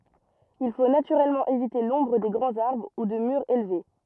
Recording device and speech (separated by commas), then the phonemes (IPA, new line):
rigid in-ear microphone, read sentence
il fo natyʁɛlmɑ̃ evite lɔ̃bʁ de ɡʁɑ̃z aʁbʁ u də myʁz elve